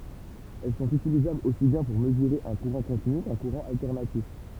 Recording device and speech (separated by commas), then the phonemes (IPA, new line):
temple vibration pickup, read sentence
ɛl sɔ̃t ytilizablz osi bjɛ̃ puʁ məzyʁe œ̃ kuʁɑ̃ kɔ̃tiny kœ̃ kuʁɑ̃ altɛʁnatif